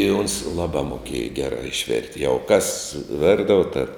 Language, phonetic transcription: Lithuanian, i ons ˈlabā moˈkieja ˈgerā išˈvert' jau kas ˈvirdavo ta

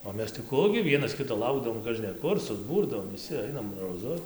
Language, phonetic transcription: Lithuanian, o ˈmes tai ˈku gi ˈvienas ˈkito ˈlaukdavom kažneˈkur suˈbūrdavom viˈsi ˈainam roˈzu

